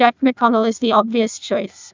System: TTS, neural waveform model